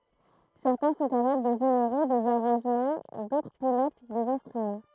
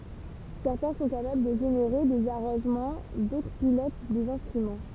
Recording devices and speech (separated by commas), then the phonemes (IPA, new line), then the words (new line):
throat microphone, temple vibration pickup, read sentence
sɛʁtɛ̃ sɔ̃ kapabl də ʒeneʁe dez aʁɑ̃ʒmɑ̃ dotʁ pilot dez ɛ̃stʁymɑ̃
Certains sont capables de générer des arrangements, d'autres pilotent des instruments.